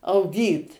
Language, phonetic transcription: Lithuanian, auˈgyt

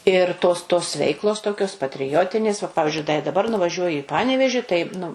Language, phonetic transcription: Lithuanian, ir tos tos ˈveiklos ˈtokios patriˈjotinės va ˈpavizdžiui da daˈbar nuvaˈžiuoji i ˈpaneveži tai nu

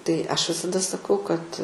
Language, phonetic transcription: Lithuanian, tai ˈaš visaˈda saˈkau kad

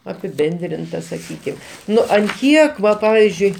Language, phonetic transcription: Lithuanian, apiˈbendrinta saˈkykim ˈnu an ˈkiek ˈva ˈpavizdžiui

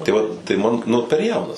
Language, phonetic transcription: Lithuanian, tai ˈvat tai ˈman ˈnu per ˈjaunas

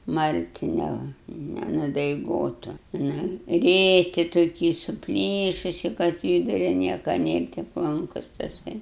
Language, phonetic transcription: Lithuanian, ˈmarti ˈne nenudaiˈgotu ˈnu ˈrėki toˈki suˈplyšusi kad ˈkybira ˈnieka ˈnėr tik ˈlankus taˈsai

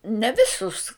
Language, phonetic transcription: Lithuanian, ne ˈvisus

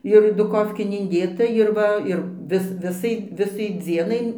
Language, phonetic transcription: Lithuanian, ir duˈkofkėn inˈdėta ir ˈva ir ˈvis ˈvisai ˈvisai ˈdzienai

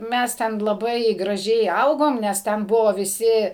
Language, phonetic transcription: Lithuanian, ˈmes ten laˈbai graˈžiai ˈaugom nes ˈten ˈbuvo viˈsi

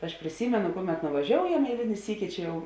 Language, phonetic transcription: Lithuanian, aš priˈsymenu ˈkuˌmet nuvaˈžioujam eiˈlini ˈsyki ˈčia ˈjau

